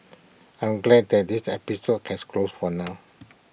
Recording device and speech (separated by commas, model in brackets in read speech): boundary microphone (BM630), read sentence